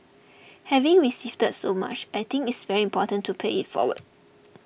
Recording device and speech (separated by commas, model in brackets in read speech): boundary microphone (BM630), read sentence